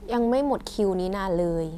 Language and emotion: Thai, neutral